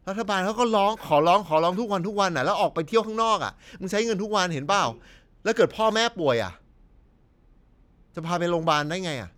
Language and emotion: Thai, frustrated